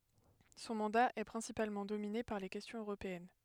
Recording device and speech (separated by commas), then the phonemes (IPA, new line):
headset microphone, read sentence
sɔ̃ mɑ̃da ɛ pʁɛ̃sipalmɑ̃ domine paʁ le kɛstjɔ̃z øʁopeɛn